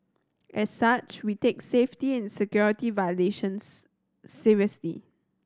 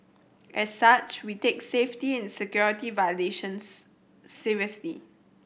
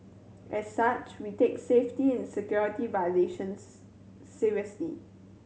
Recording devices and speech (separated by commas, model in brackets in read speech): standing microphone (AKG C214), boundary microphone (BM630), mobile phone (Samsung C7100), read sentence